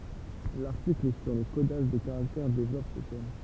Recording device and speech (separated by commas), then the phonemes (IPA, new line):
temple vibration pickup, read sentence
laʁtikl syʁ lə kodaʒ de kaʁaktɛʁ devlɔp sə tɛm